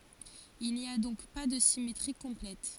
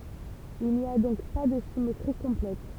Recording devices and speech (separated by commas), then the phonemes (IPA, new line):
forehead accelerometer, temple vibration pickup, read sentence
il ni a dɔ̃k pa də simetʁi kɔ̃plɛt